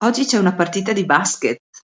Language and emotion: Italian, happy